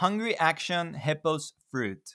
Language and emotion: English, sad